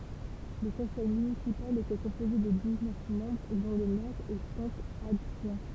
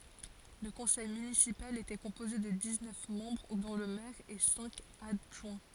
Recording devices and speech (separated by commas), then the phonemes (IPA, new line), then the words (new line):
temple vibration pickup, forehead accelerometer, read sentence
lə kɔ̃sɛj mynisipal etɛ kɔ̃poze də diz nœf mɑ̃bʁ dɔ̃ lə mɛʁ e sɛ̃k adʒwɛ̃
Le conseil municipal était composé de dix-neuf membres dont le maire et cinq adjoints.